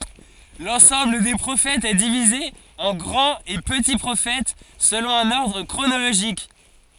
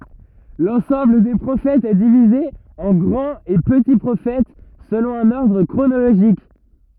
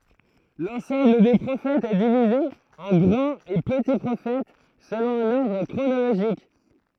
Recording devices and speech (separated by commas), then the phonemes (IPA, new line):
forehead accelerometer, rigid in-ear microphone, throat microphone, read sentence
lɑ̃sɑ̃bl de pʁofɛtz ɛ divize ɑ̃ ɡʁɑ̃t e pəti pʁofɛt səlɔ̃ œ̃n ɔʁdʁ kʁonoloʒik